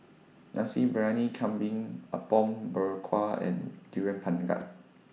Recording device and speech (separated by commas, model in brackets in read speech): mobile phone (iPhone 6), read sentence